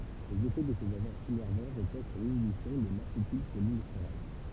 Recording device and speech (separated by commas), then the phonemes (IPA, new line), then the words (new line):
temple vibration pickup, read sentence
lez efɛ də sez aʒɑ̃z inɛʁvɑ̃ ʁəpoz syʁ linibisjɔ̃ də lasetilʃolinɛsteʁaz
Les effets de ces agents innervants reposent sur l'inhibition de l'acétylcholinestérase.